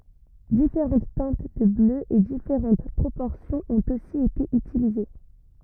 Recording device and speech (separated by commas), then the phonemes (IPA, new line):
rigid in-ear microphone, read sentence
difeʁɑ̃t tɛ̃t də blø e difeʁɑ̃t pʁopɔʁsjɔ̃z ɔ̃t osi ete ytilize